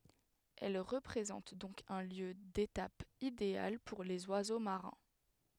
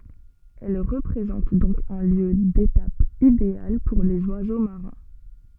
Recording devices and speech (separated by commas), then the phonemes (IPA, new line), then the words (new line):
headset microphone, soft in-ear microphone, read sentence
ɛl ʁəpʁezɑ̃t dɔ̃k œ̃ ljø detap ideal puʁ lez wazo maʁɛ̃
Elle représente donc un lieu d’étape idéal pour les oiseaux marins.